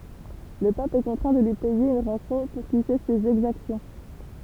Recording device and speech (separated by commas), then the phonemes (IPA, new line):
temple vibration pickup, read sentence
lə pap ɛ kɔ̃tʁɛ̃ də lyi pɛje yn ʁɑ̃sɔ̃ puʁ kil sɛs sez ɛɡzaksjɔ̃